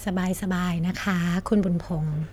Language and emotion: Thai, neutral